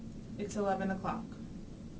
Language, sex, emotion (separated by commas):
English, female, neutral